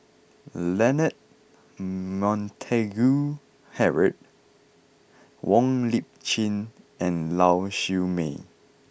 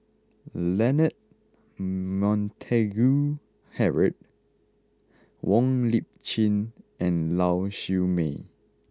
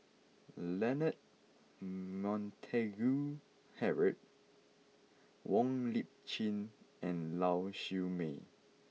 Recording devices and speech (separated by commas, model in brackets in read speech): boundary microphone (BM630), close-talking microphone (WH20), mobile phone (iPhone 6), read sentence